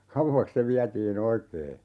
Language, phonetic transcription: Finnish, "kauvvaks se 'viätii'n ‿oikee .
- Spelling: kauaksi se vietiin oikein

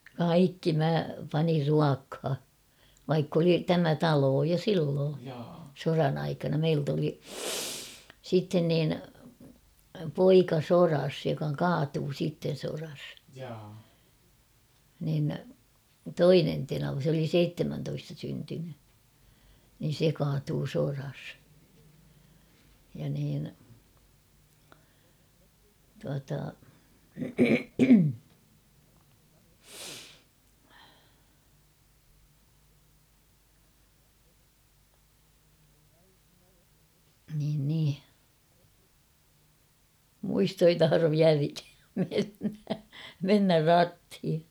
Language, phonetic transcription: Finnish, kaikki mä panir 'ruakha , vaikk ‿oli "tämä "taloo jo 'silloo , 'soran ‿aikana — 'meilt ‿oli , sitten niin , 'poika 'soras joka "kaatuu siitten̬ soras ; nin , "toinen tenava s ‿oli "seittemäntoista syntyny , nin̬ 'se kaatuu 'soras , ja niin , tuata , niin nii ; 'muisto ei 'taharov (viäläkääm) mennä , 'mennär "rathi .
- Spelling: kaikki minä panin ruokaan vaikka oli tämä talo jo silloin sodan aikana - meiltä oli sitten niin poika sodassa joka kaatui sitten sodassa niin toinen tenava se oli seitsemäntoista syntynyt niin se kaatui sodassa ja niin tuota niin niin muisto ei tahdo vieläkään mennä mennä ratiin

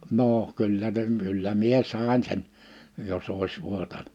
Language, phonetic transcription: Finnish, 'nooʰ , 'kyllä (se) , 'kyllä mie 'sàin sen , 'jos ‿òis 'vuotaɴ- .
- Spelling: no kyllä se kyllä minä sain sen jos olisi vuotanut

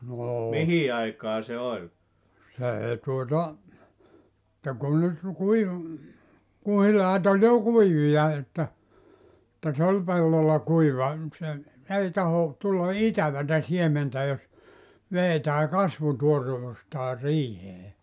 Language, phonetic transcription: Finnish, 'noo , 'see tuota , [et]tä 'kun nyt ru- 'kui- , 'kuhilaat ‿oĺ jo "kuivija että , [et]tä 'se ol 'pellolla 'kuiva nⁱ se , 'ei taho , 'tulla "itävätä 'siementä jos , 'veetää "kasvutuorevustaa "riihee .
- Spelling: no se tuota että kun nyt - - kuhilaat oli jo kuivia että että se oli pellolla kuiva niin se ei tahdo tulla itävää siementä jos vedetään kasvutuoreuttaan riiheen

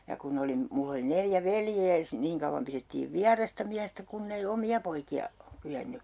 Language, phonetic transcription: Finnish, ja kun 'ne olim- , 'mull ‿oli 'neljä "veljee s(i) , 'niiŋ kauvvam pirettiiv "viarasta 'miästä kunnei 'omi₍a poiki₍a , 'kyʲenny .
- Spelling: ja kun ne - minulla oli neljä veljeä - niin kauan pidettiin vierasta miestä kun ei omia poikia kyennyt

